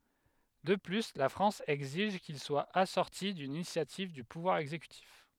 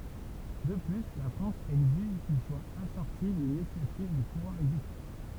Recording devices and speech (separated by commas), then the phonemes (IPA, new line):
headset microphone, temple vibration pickup, read sentence
də ply la fʁɑ̃s ɛɡziʒ kil swa asɔʁti dyn inisjativ dy puvwaʁ ɛɡzekytif